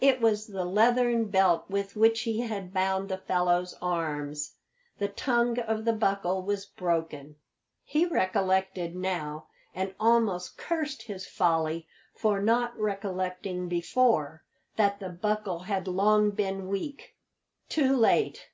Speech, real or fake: real